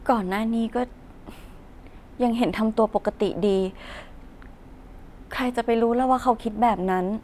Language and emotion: Thai, frustrated